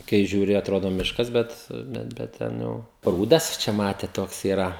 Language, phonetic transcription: Lithuanian, kai žiūˈri atˈrodo ˈmiškas ˈbet bet bet ˈten jau ˈprūdas ˈčia ˈmatėt ˈtoks yˈra

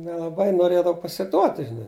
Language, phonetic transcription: Lithuanian, nelaˈbai noˈrėdav pasiˈduoti žiˈnai

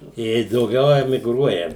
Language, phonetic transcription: Lithuanian, ˈjiej dauˈgiau emigˈruoja

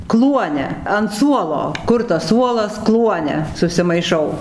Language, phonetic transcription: Lithuanian, ˈkluone an ˈsuolo ˈkur tas ˈsuolas ˈkluone susimaiˈšau

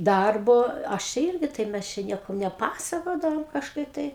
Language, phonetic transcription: Lithuanian, ˈdarbo ˈaš čia ˈirgi taip ˈmes čia ˈniekam neˈpasakodavom kažˈkaip ˈtai

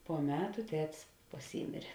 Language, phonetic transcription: Lithuanian, po ˈmetu ˈtetis paˈsymėrė

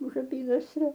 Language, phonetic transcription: Lithuanian, už aˈpynasrio

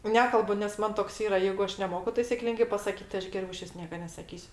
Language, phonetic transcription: Lithuanian, ˈnekalbu nes ˈman toks ˈyra ˈjeigu ˈaš neˈmoku taisi ˈklingai pasaˈkyt tai ˈaš geˈriau iˈšvis ˈnieka nesaˈkysiu

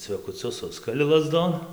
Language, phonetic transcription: Lithuanian, cvekuˈcius ˈsuskali laˈzdon

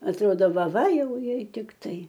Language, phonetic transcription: Lithuanian, atˈrodo ˈva ˈva ˈjau ˈjei tikˈtai

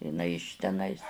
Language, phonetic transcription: Lithuanian, iˈnai iš teˈnais

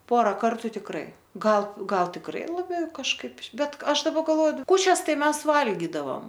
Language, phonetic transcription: Lithuanian, ˈpora ˈkartu tikˈrai ˈgal ˈgal tikˈrai laˈbiau kažˈkaip ˈbet ˈaš daˈba galˈvoju ˈkūčias ˈtai ˈmes ˈvalgidavam

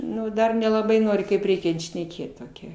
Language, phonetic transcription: Lithuanian, ˈnu ˈdar nelaˈbai ˈnori kaip ˈreikiant šneˈkėt toˈkia

